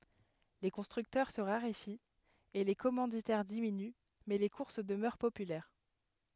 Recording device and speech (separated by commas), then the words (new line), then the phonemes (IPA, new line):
headset microphone, read sentence
Les constructeurs se raréfient et les commanditaires diminuent mais les courses demeurent populaires.
le kɔ̃stʁyktœʁ sə ʁaʁefit e le kɔmɑ̃ditɛʁ diminy mɛ le kuʁs dəmœʁ popylɛʁ